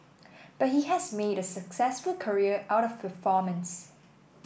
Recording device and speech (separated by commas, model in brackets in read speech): boundary microphone (BM630), read sentence